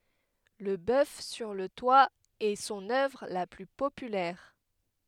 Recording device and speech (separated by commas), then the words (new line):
headset microphone, read sentence
Le bœuf sur le toit est son œuvre la plus populaire.